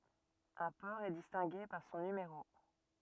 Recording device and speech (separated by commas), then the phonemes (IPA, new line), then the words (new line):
rigid in-ear microphone, read sentence
œ̃ pɔʁ ɛ distɛ̃ɡe paʁ sɔ̃ nymeʁo
Un port est distingué par son numéro.